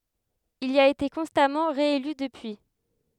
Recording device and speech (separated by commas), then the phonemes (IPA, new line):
headset microphone, read sentence
il i a ete kɔ̃stamɑ̃ ʁeely dəpyi